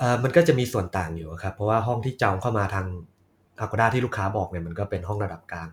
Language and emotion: Thai, neutral